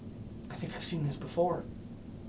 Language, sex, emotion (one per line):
English
male
fearful